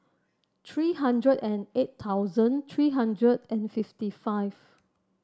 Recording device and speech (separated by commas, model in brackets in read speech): standing microphone (AKG C214), read sentence